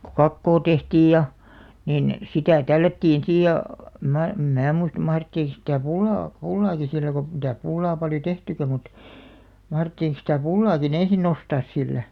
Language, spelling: Finnish, kun kakkoa tehtiin ja niin sitä tällättiin siinä ja en minä en minä muista mahdettiinko sitä pullaa pullaakin sillä kun mitäs pullaa paljon tehtykään mutta mahdettiin sitä pullaakin ensin nostaa sillä
- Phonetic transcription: ku "kakkoo 'tehtiij ja , nìn , 'sitä̀ "tällättiin 'siij ja , əm 'mää , 'em "mää muist 'mahrettiik sitä̀ "pullaa , "pullaaki sillä ɢo mitäs 'pullaa paljo "tehtykä mut , 'mahrettiiŋk sitä̀ 'pullaaki"n ‿ensin̆§ 'nostaas 'sillä .

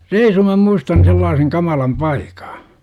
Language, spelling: Finnish, reisun minä muistan sellaisen kamalan paikan
- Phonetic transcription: reisu mä 'muistan sellaaseŋ 'kamalam "paikA .

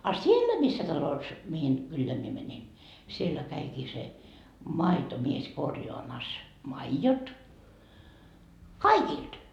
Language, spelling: Finnish, a siellä missä talossa mihin kylään minä menin siellä kävikin se maitomies korjaamassa maidot kaikilta
- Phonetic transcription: a "siellä missä talos , mihin , 'kylleä mie mäńin , 'siellä käikii se , "maitomies 'korjoamas , "maijot , "kaikilD .

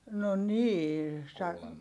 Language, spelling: Finnish, no niin -
- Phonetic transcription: no nii sa- ,.

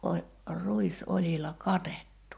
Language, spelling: Finnish, - ruisoljilla katettu
- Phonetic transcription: ol- , 'ruis'oĺila "katettu .

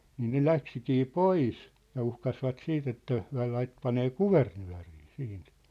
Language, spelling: Finnish, niin ne lähtikin pois ja uhkasivat sitten että he - panee kuvernööriin siitä
- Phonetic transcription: niin ne "läksikii "pois , ja 'uhkasvat "siit ‿että , hyä̭ lait- , 'panee "kuvernyä̭rii 'siint .

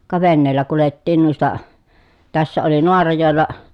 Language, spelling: Finnish, ka veneellä kuljettiin noista tässä oli Naarajoella
- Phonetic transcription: ka venneellä kulettiin nuista , tässä oli Noarajòella ,.

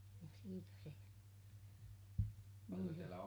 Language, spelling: Finnish, joo ja siitä se meni se
- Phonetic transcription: hjOO , ja siitä se , meni se .

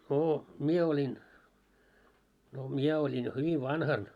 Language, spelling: Finnish, no minä olin no minä olin jo hyvin vanhana
- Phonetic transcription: noo 'mie oĺin , no 'miɛ oĺin jo hyvi "vanhan .

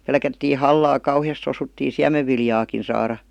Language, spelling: Finnish, pelättiin hallaa kauheasti jos osuttiin siemenviljaakin saada
- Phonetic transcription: 'pelkättii "hallaa 'kauhi₍as (jos) osuttii "siämevviljaakin̬ 'saara .

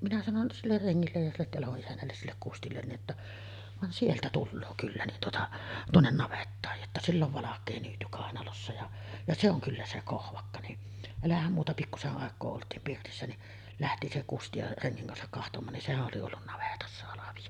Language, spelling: Finnish, minä sanoin sille rengille ja sille talon isännällesi sille Kustille niin että vaan sieltä tulee kyllä niin tuota tuonne navettaan jotta sillä on valkea nyyty kainalossa ja ja se on kyllä se Kohvakka niin älähän muuta pikkuisen aikaa oltiin pirtissä niin lähti se Kusti ja rengin kanssa katsomaan niin sehän oli ollut navetassa halvio
- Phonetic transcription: minä sanon siller 'reŋŋillej ja sillet talo’ '’isännälles 'sillek "Kustillen ni’ ’että , » van 'sieltä "tulloo kyllä nin tuota , 'tuonnen 'navettaaj « jotta » sill ‿ov 'valak̆kee nyyty kàenalossa ja , ja 'se ‿oŋ kyllä se 'Kohvakka « ni’ , elähäm muuta 'pikkuse’ ’àek̀oo olt̀iim pirtissä ni , "lähti se 'Kusti ja 'reŋŋiŋ kansak kahtom̆maan nin "sehäˀ ˀoli ollun 'navetassa halaviʲo .

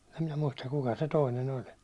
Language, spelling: Finnish, en minä muista kuka se toinen oli
- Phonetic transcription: em minä 'muistak kuka se 'toinen 'oĺ .

